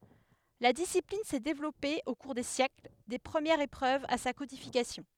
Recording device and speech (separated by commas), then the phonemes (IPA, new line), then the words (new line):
headset microphone, read sentence
la disiplin sɛ devlɔpe o kuʁ de sjɛkl de pʁəmjɛʁz epʁøvz a sa kodifikasjɔ̃
La discipline s'est développée au cours des siècles, des premières épreuves à sa codification.